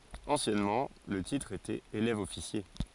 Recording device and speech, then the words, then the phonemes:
forehead accelerometer, read sentence
Anciennement, le titre était élève-officier.
ɑ̃sjɛnmɑ̃ lə titʁ etɛt elɛvəɔfisje

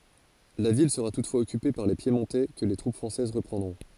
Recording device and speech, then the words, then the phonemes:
forehead accelerometer, read sentence
La ville sera toutefois occupée par les Piémontais que les troupes françaises reprendront.
la vil səʁa tutfwaz ɔkype paʁ le pjemɔ̃tɛ kə le tʁup fʁɑ̃sɛz ʁəpʁɑ̃dʁɔ̃

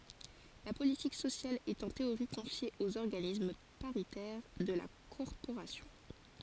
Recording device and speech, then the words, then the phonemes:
forehead accelerometer, read sentence
La politique sociale est en théorie confiée aux organismes paritaires de la corporation.
la politik sosjal ɛt ɑ̃ teoʁi kɔ̃fje oz ɔʁɡanism paʁitɛʁ də la kɔʁpoʁasjɔ̃

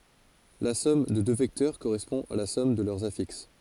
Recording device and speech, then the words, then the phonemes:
forehead accelerometer, read sentence
La somme de deux vecteurs correspond à la somme de leurs affixes.
la sɔm də dø vɛktœʁ koʁɛspɔ̃ a la sɔm də lœʁz afiks

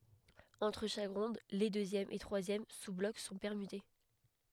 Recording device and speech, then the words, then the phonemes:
headset microphone, read sentence
Entre chaque ronde, les deuxième et troisième sous-blocs sont permutés.
ɑ̃tʁ ʃak ʁɔ̃d le døzjɛm e tʁwazjɛm suzblɔk sɔ̃ pɛʁmyte

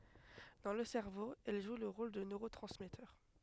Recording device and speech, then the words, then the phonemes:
headset microphone, read sentence
Dans le cerveau, elles jouent le rôle de neurotransmetteurs.
dɑ̃ lə sɛʁvo ɛl ʒw lə ʁol də nøʁotʁɑ̃smɛtœʁ

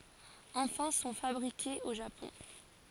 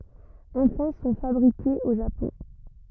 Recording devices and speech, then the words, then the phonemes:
forehead accelerometer, rigid in-ear microphone, read sentence
Enfin sont fabriquées au Japon.
ɑ̃fɛ̃ sɔ̃ fabʁikez o ʒapɔ̃

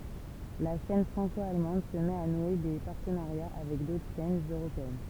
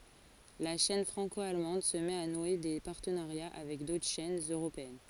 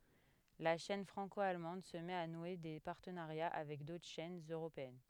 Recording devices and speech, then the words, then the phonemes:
temple vibration pickup, forehead accelerometer, headset microphone, read sentence
La chaîne franco-allemande se met à nouer des partenariats avec d'autres chaînes européennes.
la ʃɛn fʁɑ̃ko almɑ̃d sə mɛt a nwe de paʁtənaʁja avɛk dotʁ ʃɛnz øʁopeɛn

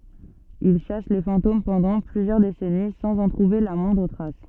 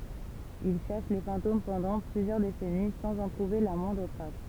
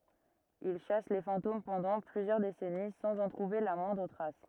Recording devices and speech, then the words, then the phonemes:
soft in-ear microphone, temple vibration pickup, rigid in-ear microphone, read sentence
Il chasse les fantômes pendant plusieurs décennies sans en trouver la moindre trace.
il ʃas le fɑ̃tom pɑ̃dɑ̃ plyzjœʁ desɛni sɑ̃z ɑ̃ tʁuve la mwɛ̃dʁ tʁas

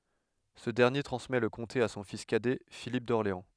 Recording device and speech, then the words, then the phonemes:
headset microphone, read sentence
Ce dernier transmet le comté à son fils cadet Philippe d'Orléans.
sə dɛʁnje tʁɑ̃smɛ lə kɔ̃te a sɔ̃ fis kadɛ filip dɔʁleɑ̃

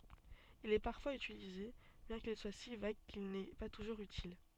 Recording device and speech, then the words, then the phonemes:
soft in-ear microphone, read sentence
Il est parfois utilisé, bien qu'il soit si vague qu'il n'est pas toujours utile.
il ɛ paʁfwaz ytilize bjɛ̃ kil swa si vaɡ kil nɛ pa tuʒuʁz ytil

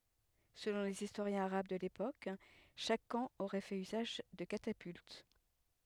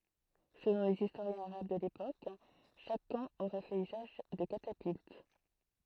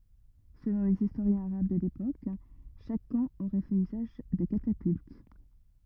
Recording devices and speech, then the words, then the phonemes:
headset microphone, throat microphone, rigid in-ear microphone, read sentence
Selon les historiens arabes de l'époque, chaque camp aurait fait usage de catapultes.
səlɔ̃ lez istoʁjɛ̃z aʁab də lepok ʃak kɑ̃ oʁɛ fɛt yzaʒ də katapylt

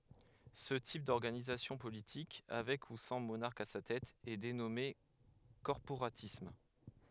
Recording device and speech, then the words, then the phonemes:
headset microphone, read sentence
Ce type d'organisation politique, avec ou sans monarque à sa tête, est dénommé corporatisme.
sə tip dɔʁɡanizasjɔ̃ politik avɛk u sɑ̃ monaʁk a sa tɛt ɛ denɔme kɔʁpoʁatism

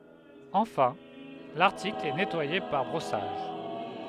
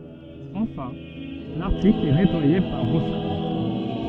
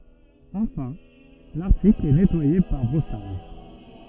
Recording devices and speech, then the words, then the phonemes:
headset microphone, soft in-ear microphone, rigid in-ear microphone, read sentence
Enfin, l’article est nettoyé par brossage.
ɑ̃fɛ̃ laʁtikl ɛ nɛtwaje paʁ bʁɔsaʒ

